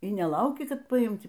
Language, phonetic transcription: Lithuanian, y neˈlauki ˈkad paˈimt'

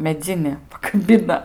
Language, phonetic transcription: Lithuanian, meˈdzini pakaˈbina

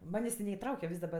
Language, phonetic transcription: Lithuanian, ˈmanės' ti neiˈtrauke ˈvis daˈba

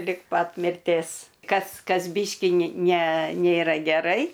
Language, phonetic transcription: Lithuanian, lig ˈpat mirˈtės ˈkas ˈkas ˈbyškį ni ne ˈnėra geˈrai

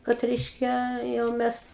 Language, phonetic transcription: Lithuanian, kad ˈreiškia jau ˈmes

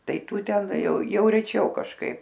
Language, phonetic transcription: Lithuanian, tai ˈtų ten jau jau reˈčiau kažˈkaip

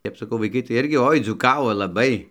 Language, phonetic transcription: Lithuanian, ˈtep saˈkau vaiˈkai tai ˈirgi ˈoi dzūˈkavo laˈbai

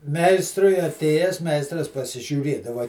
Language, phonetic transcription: Lithuanian, ˈmeistrui aˈtėjęs ˈmeistras pasižiūˈrėdava

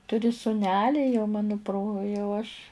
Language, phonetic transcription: Lithuanian, ˈturi suˈneli jau ˈmano pro jau aš'

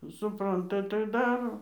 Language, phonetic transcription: Lithuanian, suˈpranta tai ˈdaro

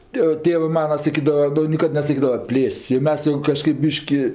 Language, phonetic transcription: Lithuanian, ˈtė ˈtėvɜ ˈmana saˈkydava ˈnu niˈkad nesaˈkydava ˈplėst's' jau ˈmes jau kaˈžkaip ˈbyški

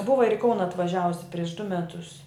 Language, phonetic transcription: Lithuanian, ˈbuva ir i ˈkauna atvaˈžiavusi prieš du meˈtus

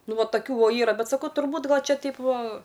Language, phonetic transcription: Lithuanian, ˈnu ˈva taˈkių ˈvo ˈyra ˈbet saˈkau turˈbūt ˈgal' ˈčia ˈteip ˈva

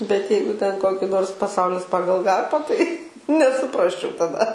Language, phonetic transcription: Lithuanian, bet ˈjeigu ten ˈkoki ˈnors paˈsaulis ˈpagal ˈgarpą tai nesuˈprasčiau taˈda

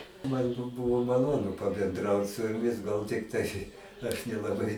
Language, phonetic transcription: Lithuanian, ˈman bu ˈbuvo maˈlonu pabenˈdraut su juˈmis ˈgal tikˈtai aš nelaˈbai

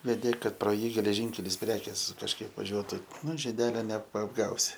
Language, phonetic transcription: Lithuanian, veˈdė ˈkad pro ˈjį geleˈžynkelis ˈprekės kažˈkaip vaˈžiuotu ˈnu žiˈdelio nepaapˈgausi

